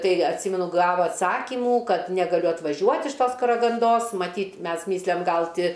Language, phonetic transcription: Lithuanian, ˈtai atˈsymenu ˈgavo atˈsakimų ˈkad negaˈliu atvaˈžiuot' iš ˈtos karaganˈdos maˈtyt' ˈmes ˈmislem ˈgal ˈti

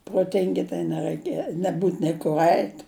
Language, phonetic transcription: Lithuanian, proˈtingi tai neraiˈke neˈbūt nei kur ˈait'

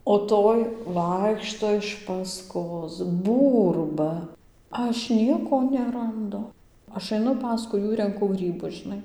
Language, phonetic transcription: Lithuanian, o ˈtoj ˈvaikšto iš paˈskos ˈbūrba ˈaš ˈnieko neranˈdu ˈaš aiˈnu ˈpaskui ˈjų renˈku ˈgrybus žiˈnai

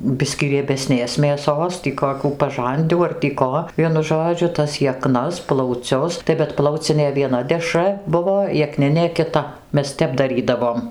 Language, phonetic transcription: Lithuanian, ˈbiskį riebeˈsnės mėˈsos ˈtį koˈkių paˈžandių ar tį ˈko ˈvienu ˈžodžiu tas jeˈknas plauˈcius tai bet ˈplaucinė vieˈna deˈšra ˈbuvo jeˈkninė kiˈta ˈmes ˈtep daˈrydavom

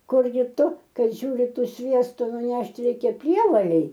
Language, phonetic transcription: Lithuanian, ˈkurgi ˈtu ˈkad ˈžiūri ˈtų ˈsviestu nuˈnešt' ˈreikia ˈprievalei

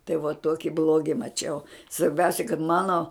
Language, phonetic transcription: Lithuanian, tai vuo ˈtuoki ˈbluogi maˈčiau svarˈbiausia kad ˈmano

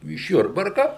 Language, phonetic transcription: Lithuanian, iš ˈjurbarka

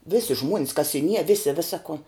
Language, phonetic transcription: Lithuanian, ˈvisi žmuon's kasiˈnie ˈvisi ˈvisa ko

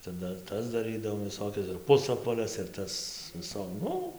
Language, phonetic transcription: Lithuanian, ˈcia ˈdar ˈtas daˈrɨdavom viˈsokias ir ˈpusapvales ir ˈtas viˈso ˈnu

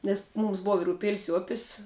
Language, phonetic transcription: Lithuanian, nes ˈmūms ˈbuva ir uˈpėlis i ˈupis

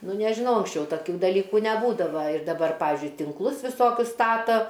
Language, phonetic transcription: Lithuanian, ˈnu nežiˈnau anksˈčiau taˈkių daˈlykų neˈbūdava ir daˈbar ˈpavizdžiui tinkˈlus viˈsokius ˈstato

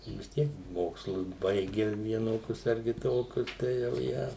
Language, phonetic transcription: Lithuanian, vis ˈtiek ˈmokslus ˈbaigia vieˈnokius ar kiˈtokius ˈtai jau ˈją

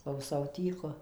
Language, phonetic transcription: Lithuanian, klauˈsau ˈtyku

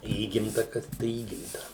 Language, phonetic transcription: Lithuanian, ˈįgimta ˈkas tai ˈįgimta

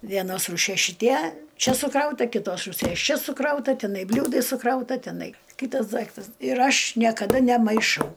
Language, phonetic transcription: Lithuanian, vieˈnos rūˈšies šiˈtie ˈčia suˈkrauta kiˈtos rūˈsies ˈčia suˈkrauta tiˈnai ˈbliūdai suˈkrauta tiˈnai ˈkytas ˈdaiktas ir ˈaš niekaˈda nemaiˈšau

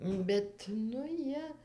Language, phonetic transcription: Lithuanian, ˈbet nu ˈjie

